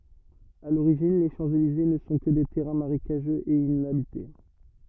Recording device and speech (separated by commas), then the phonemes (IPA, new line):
rigid in-ear microphone, read sentence
a loʁiʒin le ʃɑ̃pselize nə sɔ̃ kə de tɛʁɛ̃ maʁekaʒøz e inabite